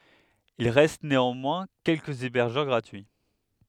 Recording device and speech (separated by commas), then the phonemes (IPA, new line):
headset microphone, read sentence
il ʁɛst neɑ̃mwɛ̃ kɛlkəz ebɛʁʒœʁ ɡʁatyi